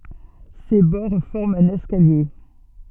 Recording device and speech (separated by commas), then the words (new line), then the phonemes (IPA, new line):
soft in-ear microphone, read sentence
Ses bords forment un escalier.
se bɔʁ fɔʁmt œ̃n ɛskalje